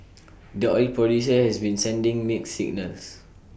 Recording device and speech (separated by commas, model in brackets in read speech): boundary microphone (BM630), read sentence